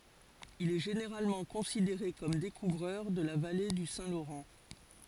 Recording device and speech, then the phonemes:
forehead accelerometer, read sentence
il ɛ ʒeneʁalmɑ̃ kɔ̃sideʁe kɔm dekuvʁœʁ də la vale dy sɛ̃ loʁɑ̃

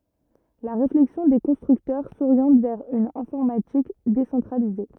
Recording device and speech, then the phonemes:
rigid in-ear microphone, read sentence
la ʁeflɛksjɔ̃ de kɔ̃stʁyktœʁ soʁjɑ̃t vɛʁ yn ɛ̃fɔʁmatik desɑ̃tʁalize

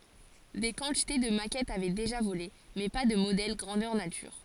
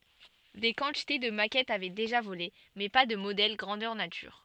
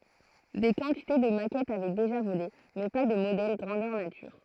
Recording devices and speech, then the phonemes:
forehead accelerometer, soft in-ear microphone, throat microphone, read sentence
de kɑ̃tite də makɛtz avɛ deʒa vole mɛ pa də modɛl ɡʁɑ̃dœʁ natyʁ

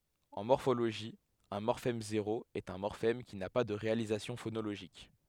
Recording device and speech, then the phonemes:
headset microphone, read sentence
ɑ̃ mɔʁfoloʒi œ̃ mɔʁfɛm zeʁo ɛt œ̃ mɔʁfɛm ki na pa də ʁealizasjɔ̃ fonoloʒik

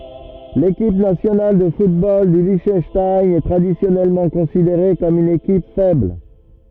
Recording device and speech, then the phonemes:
rigid in-ear microphone, read sentence
lekip nasjonal də futbol dy liʃtœnʃtajn ɛ tʁadisjɔnɛlmɑ̃ kɔ̃sideʁe kɔm yn ekip fɛbl

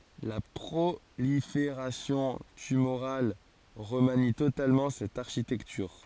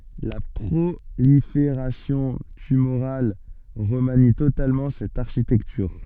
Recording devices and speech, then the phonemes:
forehead accelerometer, soft in-ear microphone, read sentence
la pʁolifeʁasjɔ̃ tymoʁal ʁəmani totalmɑ̃ sɛt aʁʃitɛktyʁ

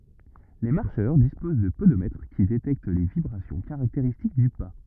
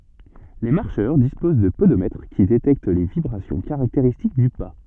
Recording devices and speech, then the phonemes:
rigid in-ear microphone, soft in-ear microphone, read sentence
le maʁʃœʁ dispoz də podomɛtʁ ki detɛkt le vibʁasjɔ̃ kaʁakteʁistik dy pa

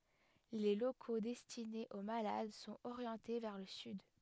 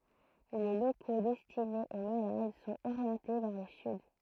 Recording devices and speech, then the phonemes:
headset microphone, throat microphone, read sentence
le loko dɛstinez o malad sɔ̃t oʁjɑ̃te vɛʁ lə syd

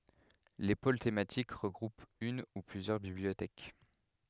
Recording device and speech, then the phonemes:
headset microphone, read sentence
le pol tematik ʁəɡʁupt yn u plyzjœʁ bibliotɛk

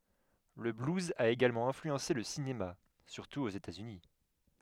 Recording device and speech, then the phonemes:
headset microphone, read sentence
lə bluz a eɡalmɑ̃ ɛ̃flyɑ̃se lə sinema syʁtu oz etaz yni

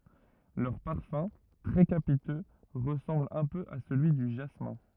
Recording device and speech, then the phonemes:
rigid in-ear microphone, read sentence
lœʁ paʁfœ̃ tʁɛ kapitø ʁəsɑ̃bl œ̃ pø a səlyi dy ʒasmɛ̃

